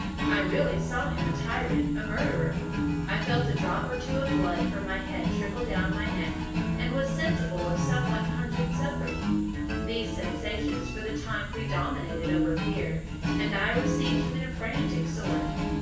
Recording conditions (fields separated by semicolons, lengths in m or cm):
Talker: one person; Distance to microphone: 9.8 m; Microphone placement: far; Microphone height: 1.8 m; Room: large; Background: music